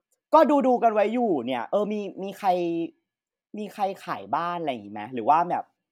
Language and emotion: Thai, happy